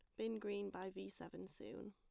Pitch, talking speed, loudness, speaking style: 200 Hz, 210 wpm, -48 LUFS, plain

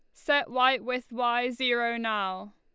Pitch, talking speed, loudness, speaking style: 240 Hz, 155 wpm, -27 LUFS, Lombard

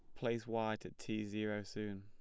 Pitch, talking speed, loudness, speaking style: 105 Hz, 200 wpm, -42 LUFS, plain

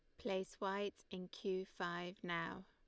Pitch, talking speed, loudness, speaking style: 185 Hz, 145 wpm, -44 LUFS, Lombard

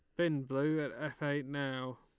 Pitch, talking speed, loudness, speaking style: 145 Hz, 200 wpm, -36 LUFS, Lombard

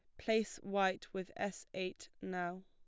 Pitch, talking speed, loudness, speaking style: 190 Hz, 145 wpm, -40 LUFS, plain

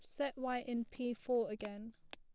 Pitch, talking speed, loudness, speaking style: 240 Hz, 210 wpm, -40 LUFS, plain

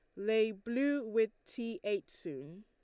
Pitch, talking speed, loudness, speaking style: 220 Hz, 150 wpm, -35 LUFS, Lombard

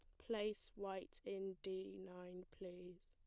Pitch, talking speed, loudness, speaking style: 190 Hz, 125 wpm, -49 LUFS, plain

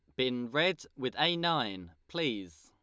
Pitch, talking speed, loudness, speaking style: 130 Hz, 150 wpm, -32 LUFS, Lombard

